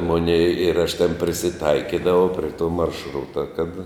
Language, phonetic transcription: Lithuanian, ˈmonei ir aš ten prisiˈtaikidavau pre ˈto maršˈruta kad

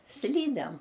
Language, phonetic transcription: Lithuanian, ˈslydem

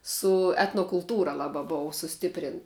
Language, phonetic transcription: Lithuanian, su etnokulˈtūra ˈlaba ˈbou suˈstiprint

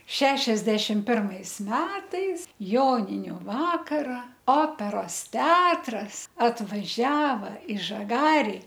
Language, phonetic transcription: Lithuanian, ˈšešiasdešim ˈpirmais ˈmetais ˈjoniniu ˈvakara ˈoperos ˈteatras atvaˈžiava i žaˈgari

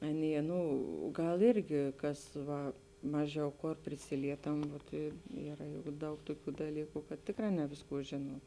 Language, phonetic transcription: Lithuanian, ˈaˌnie ˈnu ˈgal ˈirgi ˈkas ˈva ˈmaˌžiau ˈkor priˈsilietam vot i ˈyra juk ˈdaug ˈtoˌkių daˈlyku kad ˈtėkˌrā ˈne vėsˌkų ˈžėnuom

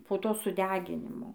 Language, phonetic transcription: Lithuanian, po ˈto suˈdeginimo

